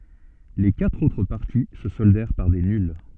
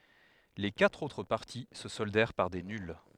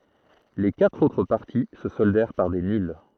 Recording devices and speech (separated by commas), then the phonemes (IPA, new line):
soft in-ear microphone, headset microphone, throat microphone, read sentence
le katʁ otʁ paʁti sə sɔldɛʁ paʁ de nyl